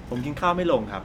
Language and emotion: Thai, neutral